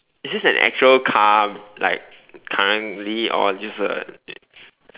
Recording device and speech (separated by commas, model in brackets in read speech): telephone, conversation in separate rooms